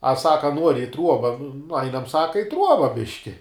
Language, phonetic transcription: Lithuanian, a ˈsaka ˈnuori i ˈtruoba nu ˈainam ˈsaka i ˈtruoba ˈbiški

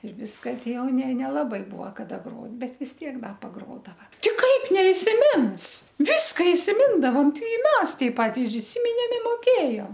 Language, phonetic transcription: Lithuanian, ir ˈviska ˈti ˈjau ne nelaˈbai ˈbuo kaˈda ˈgrot ˈbet vis ˈtiek ˈda paˈgrodava ˈti ˈkaip neisiˈmins ˈviska isiˈmindavam ˈtai ˈmes taip ˈpat ir iˈsiminėm i moˈkėjom

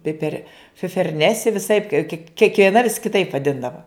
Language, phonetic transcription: Lithuanian, ˈpiper fiferˈnesi viˈsaip kie kiekvieˈna vis kiˈtaip vaˈdindava

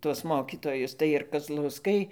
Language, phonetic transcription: Lithuanian, tuos ˈmokitojus tai ir kazlauˈskai

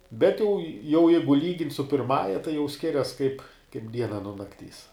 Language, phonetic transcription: Lithuanian, ˈbet jau jau ˈjeigu ˈlygint' su pirˈmąja tai jau ˈskirias kaip ˈdiena nuo nakˈtys

